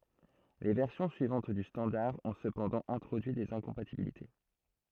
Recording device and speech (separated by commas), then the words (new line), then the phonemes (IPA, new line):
throat microphone, read sentence
Les versions suivantes du standard ont cependant introduit des incompatibilités.
le vɛʁsjɔ̃ syivɑ̃t dy stɑ̃daʁ ɔ̃ səpɑ̃dɑ̃ ɛ̃tʁodyi dez ɛ̃kɔ̃patibilite